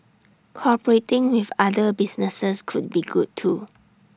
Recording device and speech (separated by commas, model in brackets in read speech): standing microphone (AKG C214), read sentence